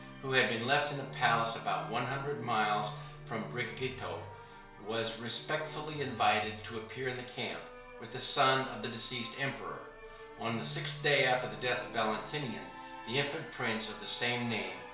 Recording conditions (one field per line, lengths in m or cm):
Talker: one person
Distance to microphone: 1.0 m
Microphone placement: close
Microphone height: 1.1 m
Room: small (3.7 m by 2.7 m)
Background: music